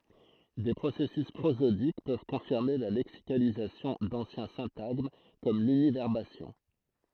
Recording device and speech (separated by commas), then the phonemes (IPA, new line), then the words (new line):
throat microphone, read sentence
de pʁosɛsys pʁozodik pøv kɔ̃fiʁme la lɛksikalizasjɔ̃ dɑ̃sjɛ̃ sɛ̃taɡm kɔm lynivɛʁbasjɔ̃
Des processus prosodiques peuvent confirmer la lexicalisation d'anciens syntagmes, comme l'univerbation.